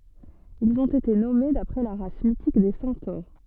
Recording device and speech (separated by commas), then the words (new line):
soft in-ear microphone, read sentence
Ils ont été nommés d'après la race mythique des centaures.